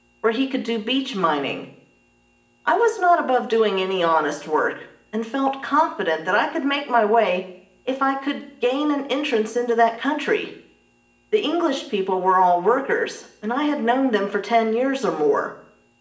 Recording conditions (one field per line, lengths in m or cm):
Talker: one person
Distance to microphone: 1.8 m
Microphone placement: close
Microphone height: 1.0 m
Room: large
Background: none